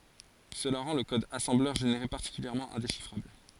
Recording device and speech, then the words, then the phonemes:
forehead accelerometer, read sentence
Cela rend le code assembleur généré particulièrement indéchiffrable.
səla ʁɑ̃ lə kɔd asɑ̃blœʁ ʒeneʁe paʁtikyljɛʁmɑ̃ ɛ̃deʃifʁabl

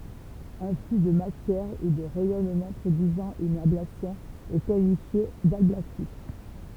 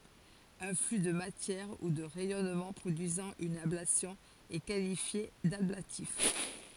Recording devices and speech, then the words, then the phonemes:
temple vibration pickup, forehead accelerometer, read sentence
Un flux de matière ou de rayonnement produisant une ablation est qualifié d'ablatif.
œ̃ fly də matjɛʁ u də ʁɛjɔnmɑ̃ pʁodyizɑ̃ yn ablasjɔ̃ ɛ kalifje dablatif

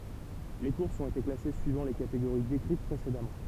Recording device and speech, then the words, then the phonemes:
temple vibration pickup, read sentence
Les courses ont été classées suivant les catégories décrites précédemment.
le kuʁsz ɔ̃t ete klase syivɑ̃ le kateɡoʁi dekʁit pʁesedamɑ̃

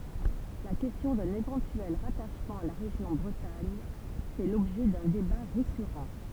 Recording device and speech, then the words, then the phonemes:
temple vibration pickup, read sentence
La question d'un éventuel rattachement à la région Bretagne fait l'objet d'un débat récurrent.
la kɛstjɔ̃ dœ̃n evɑ̃tyɛl ʁataʃmɑ̃ a la ʁeʒjɔ̃ bʁətaɲ fɛ lɔbʒɛ dœ̃ deba ʁekyʁɑ̃

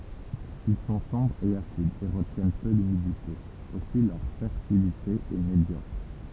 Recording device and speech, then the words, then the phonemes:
temple vibration pickup, read sentence
Ils sont sombres et acides et retiennent peu l’humidité, aussi leur fertilité est médiocre.
il sɔ̃ sɔ̃bʁz e asidz e ʁətjɛn pø lymidite osi lœʁ fɛʁtilite ɛ medjɔkʁ

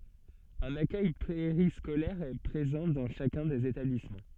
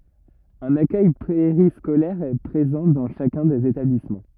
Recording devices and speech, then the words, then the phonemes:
soft in-ear microphone, rigid in-ear microphone, read sentence
Un accueil périscolaire est présent dans chacun des établissements.
œ̃n akœj peʁiskolɛʁ ɛ pʁezɑ̃ dɑ̃ ʃakœ̃ dez etablismɑ̃

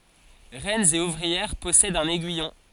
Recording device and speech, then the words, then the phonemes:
forehead accelerometer, read sentence
Reines et ouvrières possèdent un aiguillon.
ʁɛnz e uvʁiɛʁ pɔsɛdt œ̃n ɛɡyijɔ̃

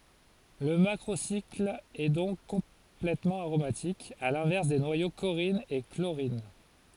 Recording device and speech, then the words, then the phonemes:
forehead accelerometer, read sentence
Le macrocycle est donc complètement aromatique, à l'inverse des noyaux corrine et chlorine.
lə makʁosikl ɛ dɔ̃k kɔ̃plɛtmɑ̃ aʁomatik a lɛ̃vɛʁs de nwajo koʁin e kloʁin

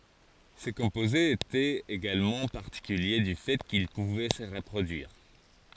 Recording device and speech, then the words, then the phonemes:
forehead accelerometer, read sentence
Ces composés étaient également particuliers du fait qu'ils pouvaient se reproduire.
se kɔ̃pozez etɛt eɡalmɑ̃ paʁtikylje dy fɛ kil puvɛ sə ʁəpʁodyiʁ

